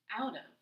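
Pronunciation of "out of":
In 'out of', the t at the end of 'out' connects to the vowel of 'of' and becomes a d sound.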